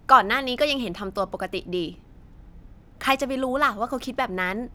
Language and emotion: Thai, neutral